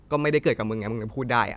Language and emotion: Thai, frustrated